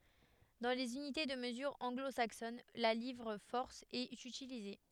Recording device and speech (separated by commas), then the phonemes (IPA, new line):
headset microphone, read sentence
dɑ̃ lez ynite də məzyʁ ɑ̃ɡlo saksɔn la livʁ fɔʁs ɛt ytilize